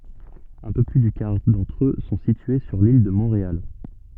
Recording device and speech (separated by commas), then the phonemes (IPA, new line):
soft in-ear microphone, read sentence
œ̃ pø ply dy kaʁ dɑ̃tʁ ø sɔ̃ sitye syʁ lil də mɔ̃ʁeal